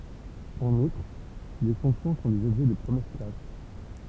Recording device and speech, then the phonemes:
temple vibration pickup, read sentence
ɑ̃n utʁ le fɔ̃ksjɔ̃ sɔ̃ dez ɔbʒɛ də pʁəmjɛʁ klas

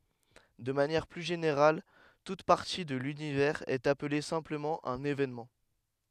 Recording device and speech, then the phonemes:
headset microphone, read sentence
də manjɛʁ ply ʒeneʁal tut paʁti də lynivɛʁz ɛt aple sɛ̃pləmɑ̃ œ̃n evenmɑ̃

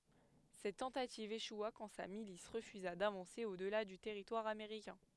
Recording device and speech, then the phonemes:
headset microphone, read sentence
sɛt tɑ̃tativ eʃwa kɑ̃ sa milis ʁəfyza davɑ̃se o dəla dy tɛʁitwaʁ ameʁikɛ̃

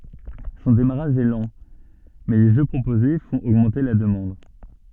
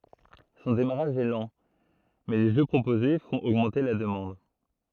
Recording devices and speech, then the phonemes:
soft in-ear microphone, throat microphone, read sentence
sɔ̃ demaʁaʒ ɛ lɑ̃ mɛ le ʒø pʁopoze fɔ̃t oɡmɑ̃te la dəmɑ̃d

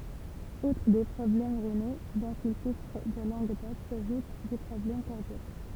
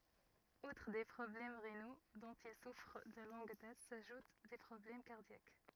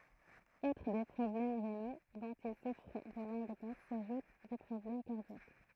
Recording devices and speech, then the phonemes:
temple vibration pickup, rigid in-ear microphone, throat microphone, read sentence
utʁ de pʁɔblɛm ʁeno dɔ̃t il sufʁ də lɔ̃ɡ dat saʒut de pʁɔblɛm kaʁdjak

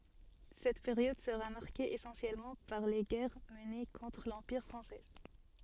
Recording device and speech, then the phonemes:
soft in-ear microphone, read sentence
sɛt peʁjɔd səʁa maʁke esɑ̃sjɛlmɑ̃ paʁ le ɡɛʁ məne kɔ̃tʁ lɑ̃piʁ fʁɑ̃sɛ

